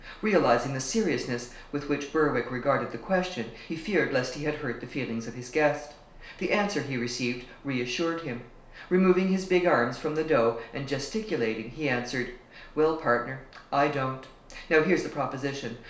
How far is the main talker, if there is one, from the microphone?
1.0 m.